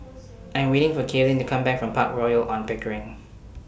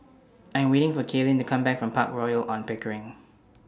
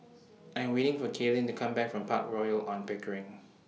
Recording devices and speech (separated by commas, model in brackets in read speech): boundary microphone (BM630), standing microphone (AKG C214), mobile phone (iPhone 6), read sentence